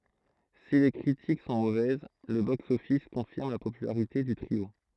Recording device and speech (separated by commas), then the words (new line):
throat microphone, read sentence
Si les critiques sont mauvaises, le box-office confirme la popularité du trio.